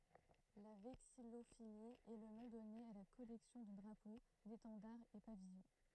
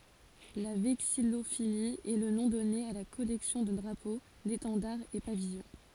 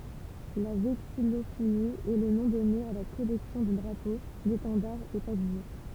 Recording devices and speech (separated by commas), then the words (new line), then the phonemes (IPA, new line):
throat microphone, forehead accelerometer, temple vibration pickup, read sentence
La vexillophilie est le nom donné à la collection de drapeaux, d'étendards et pavillons.
la vɛksijofili ɛ lə nɔ̃ dɔne a la kɔlɛksjɔ̃ də dʁapo detɑ̃daʁz e pavijɔ̃